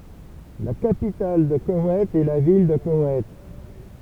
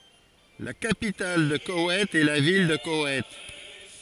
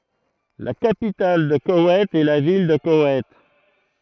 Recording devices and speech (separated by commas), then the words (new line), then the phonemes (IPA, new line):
temple vibration pickup, forehead accelerometer, throat microphone, read sentence
La capitale de Koweït est la ville de Koweït.
la kapital də kowɛjt ɛ la vil də kowɛjt